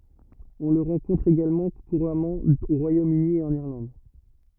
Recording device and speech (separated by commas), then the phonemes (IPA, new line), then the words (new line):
rigid in-ear microphone, read sentence
ɔ̃ lə ʁɑ̃kɔ̃tʁ eɡalmɑ̃ kuʁamɑ̃ o ʁwajomøni e ɑ̃n iʁlɑ̃d
On le rencontre également couramment au Royaume-Uni et en Irlande.